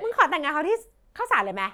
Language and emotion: Thai, angry